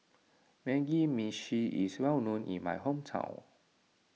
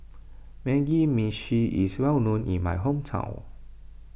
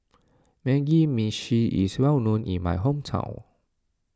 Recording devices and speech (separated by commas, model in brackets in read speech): mobile phone (iPhone 6), boundary microphone (BM630), standing microphone (AKG C214), read sentence